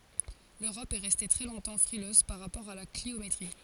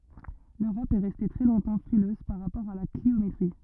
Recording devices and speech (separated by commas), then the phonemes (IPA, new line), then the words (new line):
forehead accelerometer, rigid in-ear microphone, read sentence
løʁɔp ɛ ʁɛste tʁɛ lɔ̃tɑ̃ fʁiløz paʁ ʁapɔʁ a la kliometʁi
L’Europe est restée très longtemps frileuse par rapport à la cliométrie.